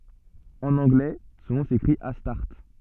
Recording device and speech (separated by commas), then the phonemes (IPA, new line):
soft in-ear microphone, read sentence
ɑ̃n ɑ̃ɡlɛ sɔ̃ nɔ̃ sekʁit astaʁt